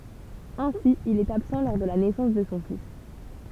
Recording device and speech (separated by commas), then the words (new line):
temple vibration pickup, read sentence
Ainsi il est absent lors de la naissance de son fils.